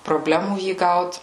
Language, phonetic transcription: Lithuanian, proˈblemų ˈjį ˈgaut

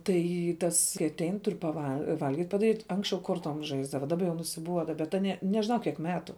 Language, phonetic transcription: Lithuanian, ˈtai ˈtas kai atˈein ˈtur paˈva ˈvalgyt' padaˈryt' ˈanksčiau ˈkortom ˈžaisdava daˈba jau nusiˈbuoda bet ˈanie nežiˈnau ˈkiek ˈmetu

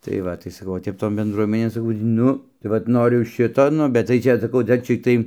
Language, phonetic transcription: Lithuanian, tai ˈva tai saˈkau o ˈtep ˈton benˈdruomenėn saˈkau tį ˈnu tai ˈvat ˈnoriu ˈšito ˈnu bet tai ˈčia saˈkau ˈdar čia tai

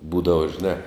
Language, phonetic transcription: Lithuanian, ˈbūdava žiˈnā

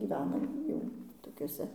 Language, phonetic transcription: Lithuanian, gyˈvena ˈjau toˈkiuose

